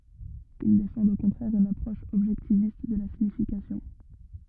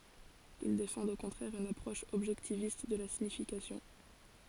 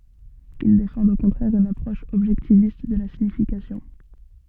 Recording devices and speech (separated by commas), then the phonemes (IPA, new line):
rigid in-ear microphone, forehead accelerometer, soft in-ear microphone, read sentence
il defɑ̃dt o kɔ̃tʁɛʁ yn apʁɔʃ ɔbʒɛktivist də la siɲifikasjɔ̃